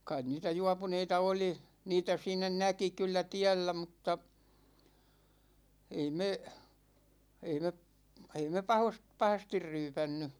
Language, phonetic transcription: Finnish, 'kain niitä "juapuneita 'oli , 'niitä siin̆nä "näki kyllä "tiällä mutta , 'ei 'me , 'ei me p- , 'ei me 'pahost- , 'pahastir 'ryypänny .
- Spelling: kai niitä juopuneita oli niitä siinä näki kyllä tiellä mutta ei me ei me - ei me - pahasti ryypännyt

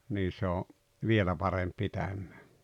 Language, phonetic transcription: Finnish, 'nii se o , "vielä paremp 'pitämᴍᴀ̈ᴀ̈ .
- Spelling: niin se on vielä parempi pitämään

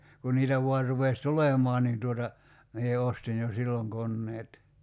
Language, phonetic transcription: Finnish, kun niitä 'voar rupes "tulemɔan nin tuota , 'mie 'ostin jo "silloŋ 'konneet .
- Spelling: kun niitä vain rupesi tulemaan niin tuota minä ostin jo silloin koneet

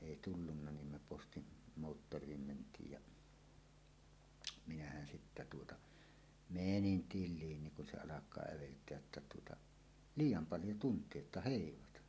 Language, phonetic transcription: Finnish, èi 'tullunna nim me 'postin , 'moottor̀iim ment̀iij ja , "minähän sittä tuota , "menin "til̆liin niŋ kun 'se 'alak̀aa 'ävelt̀eäj jotta tuota , » "liij̆jam 'paljo 'tunt̀ie että "hèivata « .
- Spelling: ei tullut niin me postin moottoriin mentiin ja minähän sitten tuota menin tiliin niin kun se alkaa äveltää jotta tuota liian paljon tuntia että heivata

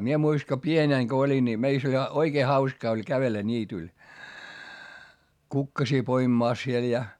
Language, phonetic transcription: Finnish, mie muis(taŋ) ko pienèŋ ko oĺin ńi , meist ‿oĺ ʲᵃ , oikee hauskaa oĺ kävellä ńiityl , kukkasii poimⁱmàs siel ja ,.
- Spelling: minä muistan kun pienenä kun olin niin meistä oli ja oikein hauskaa oli kävellä niityllä kukkasia poimimassa siellä ja

